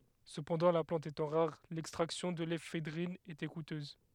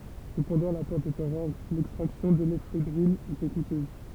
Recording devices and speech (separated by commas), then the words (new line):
headset microphone, temple vibration pickup, read sentence
Cependant, la plante étant rare, l'extraction de l'éphédrine était coûteuse.